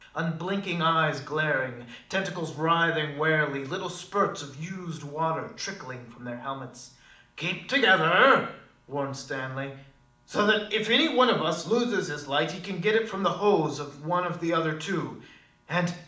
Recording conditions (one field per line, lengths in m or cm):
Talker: one person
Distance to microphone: 2.0 m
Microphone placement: close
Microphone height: 99 cm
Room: medium-sized (5.7 m by 4.0 m)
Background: none